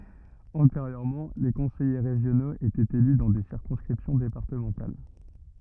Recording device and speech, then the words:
rigid in-ear microphone, read sentence
Antérieurement, les conseillers régionaux étaient élus dans des circonscriptions départementales.

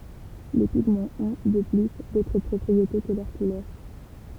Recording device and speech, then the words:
temple vibration pickup, read sentence
Les pigments ont, de plus, d'autres propriétés que leur couleur.

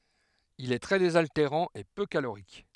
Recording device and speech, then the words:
headset microphone, read sentence
Il est très désaltérant et peu calorique.

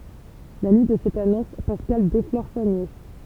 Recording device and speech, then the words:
temple vibration pickup, read sentence
La nuit de cette annonce, Pascal déflore sa nièce.

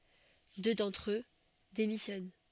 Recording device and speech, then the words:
soft in-ear microphone, read sentence
Deux d'entre eux démissionnent.

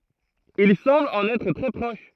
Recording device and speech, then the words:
throat microphone, read sentence
Il semble en être très proche.

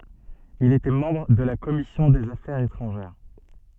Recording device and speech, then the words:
soft in-ear microphone, read sentence
Il était membre de la commission des affaires étrangères.

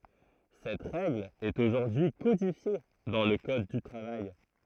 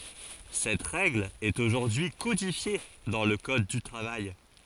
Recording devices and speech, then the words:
throat microphone, forehead accelerometer, read sentence
Cette règle est aujourd'hui codifiée dans le code du travail.

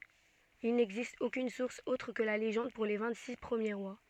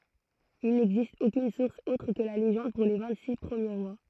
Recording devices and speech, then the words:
soft in-ear microphone, throat microphone, read sentence
Il n'existe aucune source autre que la légende pour les vingt-six premiers rois.

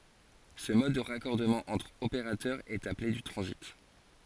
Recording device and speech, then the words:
forehead accelerometer, read sentence
Ce mode de raccordement entre opérateur, est appelé du transit.

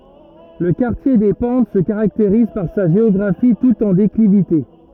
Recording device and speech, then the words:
rigid in-ear microphone, read sentence
Le quartier des Pentes se caractérise par sa géographie toute en déclivité.

